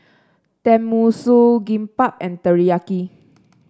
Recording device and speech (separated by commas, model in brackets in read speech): standing microphone (AKG C214), read sentence